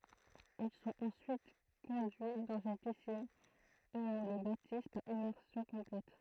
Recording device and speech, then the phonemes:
throat microphone, read sentence
il sɔ̃t ɑ̃syit kɔ̃dyi dɑ̃z yn pisin u ɔ̃ le batiz paʁ immɛʁsjɔ̃ kɔ̃plɛt

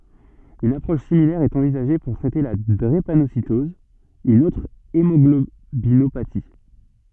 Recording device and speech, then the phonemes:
soft in-ear microphone, read sentence
yn apʁɔʃ similɛʁ ɛt ɑ̃vizaʒe puʁ tʁɛte la dʁepanositɔz yn otʁ emɔɡlobinopati

